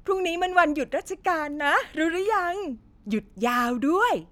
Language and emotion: Thai, happy